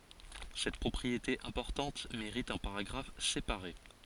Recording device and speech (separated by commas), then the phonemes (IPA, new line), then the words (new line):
forehead accelerometer, read sentence
sɛt pʁɔpʁiete ɛ̃pɔʁtɑ̃t meʁit œ̃ paʁaɡʁaf sepaʁe
Cette propriété importante mérite un paragraphe séparé.